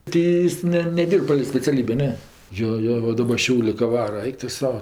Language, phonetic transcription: Lithuanian, ˈtį ˈjis ˈne neˈdyrb palei speciaˈlybė ˈne ˈjo ˈjo ˈva ˈdaba ˈšiaulė ka ˈvara ˈaik tu ˈsau

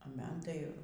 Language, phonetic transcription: Lithuanian, a ˈman ˈtai

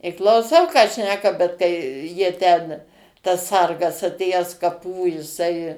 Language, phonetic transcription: Lithuanian, i klauˈsau ką ˈšneka bet kai ˈjie ten tas ˈsargas atˈėjęs kaˈpų jiˈsai

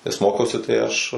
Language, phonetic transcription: Lithuanian, nes ˈmokiausi tai ˈaš

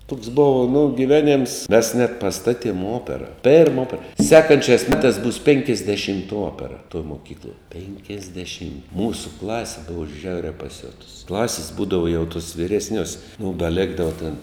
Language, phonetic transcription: Lithuanian, tuks ˈbova nu giˈveˌnėms mes net paˈstaˌtiem ˈopera perm ˈopera ˈsekančiās ˈmetās bus pinkiasdeˈšimta ˈopera toj moˈkykloj penkiasdeˈšim ˈmūsu ˈklasi ˈbuvo ˈžiauriā paˈsiotus ˈklasis ˈbūdavo jau tus vyresˈniuos mum da ˈlėkdava tin

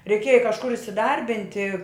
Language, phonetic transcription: Lithuanian, reiˈkėja kažˈkur isiˈdarbinti

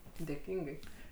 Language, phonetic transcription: Lithuanian, dėˈkyngai

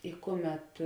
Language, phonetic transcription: Lithuanian, i ˈkuˌmet

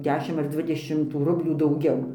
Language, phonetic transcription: Lithuanian, ˈdešim ar ˈdvidešim tų ˈrublių dauˈgiau

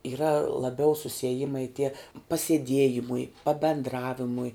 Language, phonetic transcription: Lithuanian, yˈra laˈbiau susieˈjimai tie pasieˈdiejimui pabendˈravimui

